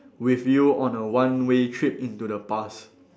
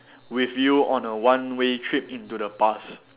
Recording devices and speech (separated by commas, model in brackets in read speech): standing microphone, telephone, conversation in separate rooms